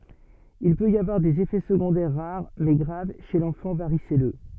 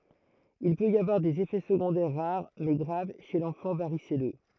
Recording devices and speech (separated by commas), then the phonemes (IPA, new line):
soft in-ear microphone, throat microphone, read sentence
il pøt i avwaʁ dez efɛ səɡɔ̃dɛʁ ʁaʁ mɛ ɡʁav ʃe lɑ̃fɑ̃ vaʁisɛlø